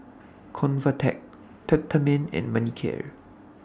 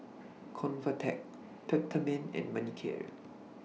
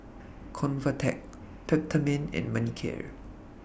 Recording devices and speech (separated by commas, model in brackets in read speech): standing microphone (AKG C214), mobile phone (iPhone 6), boundary microphone (BM630), read sentence